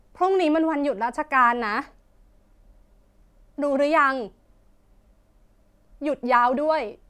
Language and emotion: Thai, frustrated